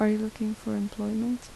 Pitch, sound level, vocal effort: 215 Hz, 75 dB SPL, soft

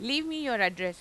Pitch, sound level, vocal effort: 235 Hz, 94 dB SPL, loud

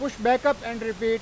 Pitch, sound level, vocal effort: 230 Hz, 99 dB SPL, very loud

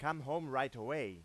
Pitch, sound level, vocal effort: 145 Hz, 97 dB SPL, very loud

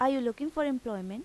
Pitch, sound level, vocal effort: 255 Hz, 87 dB SPL, normal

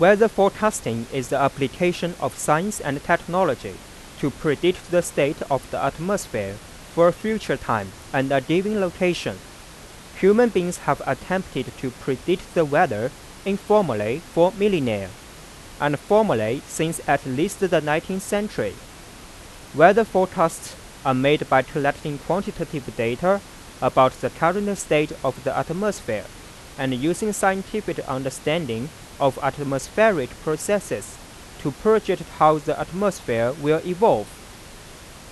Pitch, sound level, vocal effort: 160 Hz, 91 dB SPL, loud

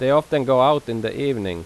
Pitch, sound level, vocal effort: 130 Hz, 90 dB SPL, loud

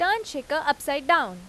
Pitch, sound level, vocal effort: 290 Hz, 92 dB SPL, loud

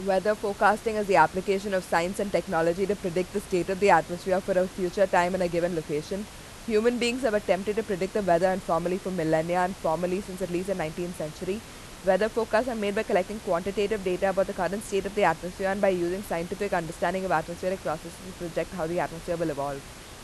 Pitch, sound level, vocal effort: 190 Hz, 88 dB SPL, loud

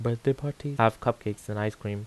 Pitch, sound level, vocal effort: 115 Hz, 81 dB SPL, normal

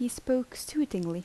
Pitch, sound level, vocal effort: 245 Hz, 78 dB SPL, soft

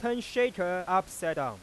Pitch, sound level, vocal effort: 185 Hz, 99 dB SPL, loud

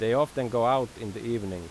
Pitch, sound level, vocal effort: 115 Hz, 89 dB SPL, loud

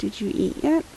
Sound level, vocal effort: 78 dB SPL, soft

